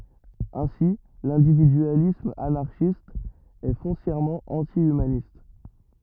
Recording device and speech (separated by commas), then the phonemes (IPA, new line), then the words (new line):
rigid in-ear microphone, read sentence
ɛ̃si lɛ̃dividyalism anaʁʃist ɛ fɔ̃sjɛʁmɑ̃ ɑ̃ti ymanist
Ainsi, l'individualisme anarchiste est foncièrement anti-humaniste.